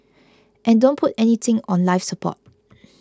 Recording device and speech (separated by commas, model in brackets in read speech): close-talking microphone (WH20), read sentence